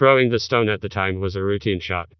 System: TTS, vocoder